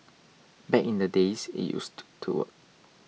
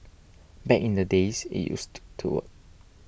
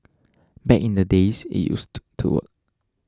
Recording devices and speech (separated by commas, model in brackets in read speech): mobile phone (iPhone 6), boundary microphone (BM630), standing microphone (AKG C214), read sentence